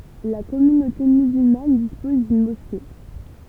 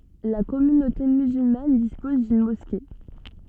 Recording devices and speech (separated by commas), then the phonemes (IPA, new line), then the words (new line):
temple vibration pickup, soft in-ear microphone, read sentence
la kɔmynote myzylman dispɔz dyn mɔske
La communauté musulmane dispose d'une mosquée.